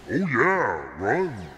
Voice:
ominous voice